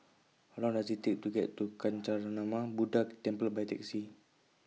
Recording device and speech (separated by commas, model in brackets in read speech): mobile phone (iPhone 6), read sentence